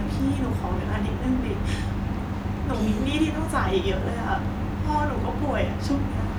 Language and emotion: Thai, sad